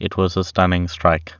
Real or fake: real